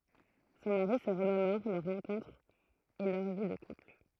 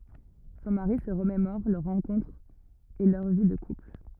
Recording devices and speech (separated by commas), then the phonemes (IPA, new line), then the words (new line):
throat microphone, rigid in-ear microphone, read sentence
sɔ̃ maʁi sə ʁəmemɔʁ lœʁ ʁɑ̃kɔ̃tʁ e lœʁ vi də kupl
Son mari se remémore leur rencontre et leur vie de couple.